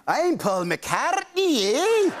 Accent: Scottish accent